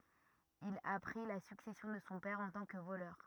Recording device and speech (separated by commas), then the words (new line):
rigid in-ear microphone, read sentence
Il a pris la succession de son père en tant que voleur.